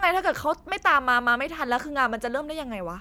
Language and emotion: Thai, frustrated